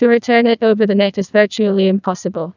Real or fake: fake